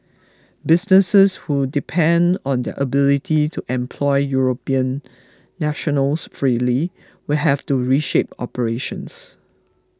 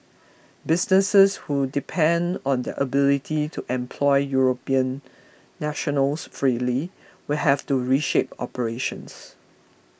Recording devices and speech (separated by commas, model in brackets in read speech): close-talking microphone (WH20), boundary microphone (BM630), read sentence